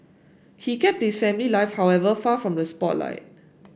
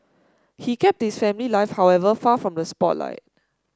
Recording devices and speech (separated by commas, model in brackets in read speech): boundary microphone (BM630), standing microphone (AKG C214), read sentence